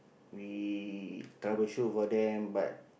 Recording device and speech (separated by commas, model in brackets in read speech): boundary microphone, conversation in the same room